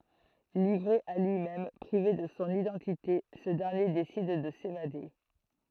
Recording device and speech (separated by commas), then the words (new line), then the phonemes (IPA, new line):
throat microphone, read sentence
Livré à lui-même, privé de son identité, ce dernier décide de s'évader...
livʁe a lyimɛm pʁive də sɔ̃ idɑ̃tite sə dɛʁnje desid də sevade